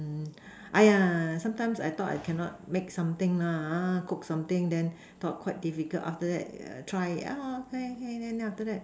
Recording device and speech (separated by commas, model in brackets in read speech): standing microphone, conversation in separate rooms